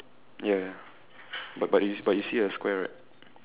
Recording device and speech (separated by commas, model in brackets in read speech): telephone, conversation in separate rooms